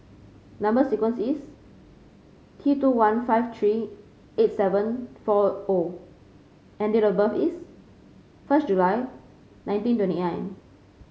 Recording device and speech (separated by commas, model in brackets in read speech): mobile phone (Samsung C5), read sentence